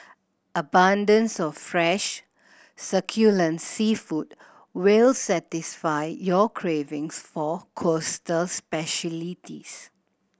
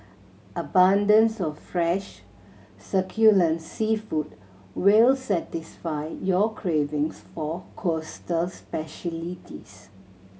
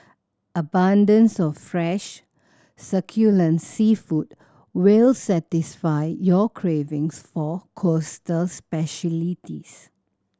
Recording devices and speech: boundary microphone (BM630), mobile phone (Samsung C7100), standing microphone (AKG C214), read sentence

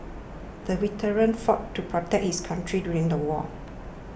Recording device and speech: boundary microphone (BM630), read sentence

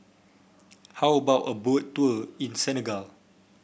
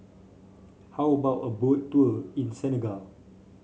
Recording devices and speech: boundary microphone (BM630), mobile phone (Samsung C5), read sentence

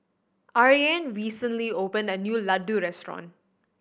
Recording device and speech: boundary microphone (BM630), read sentence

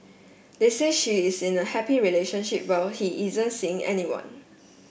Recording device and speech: boundary microphone (BM630), read sentence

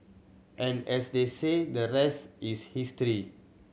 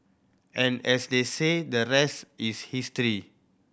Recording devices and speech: mobile phone (Samsung C7100), boundary microphone (BM630), read sentence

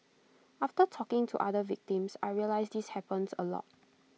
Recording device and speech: mobile phone (iPhone 6), read sentence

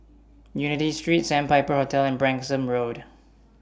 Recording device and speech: standing microphone (AKG C214), read sentence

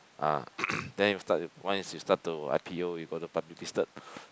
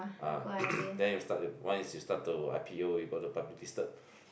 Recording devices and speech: close-talking microphone, boundary microphone, conversation in the same room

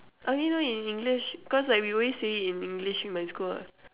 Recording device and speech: telephone, conversation in separate rooms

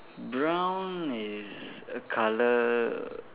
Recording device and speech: telephone, conversation in separate rooms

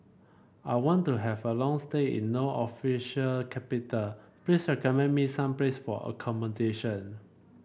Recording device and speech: boundary microphone (BM630), read sentence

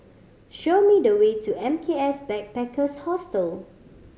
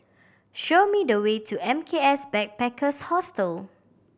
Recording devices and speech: mobile phone (Samsung C5010), boundary microphone (BM630), read sentence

